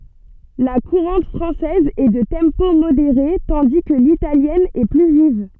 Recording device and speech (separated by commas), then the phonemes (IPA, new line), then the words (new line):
soft in-ear microphone, read sentence
la kuʁɑ̃t fʁɑ̃sɛz ɛ də tɑ̃po modeʁe tɑ̃di kə litaljɛn ɛ ply viv
La courante française est de tempo modéré, tandis que l'italienne est plus vive.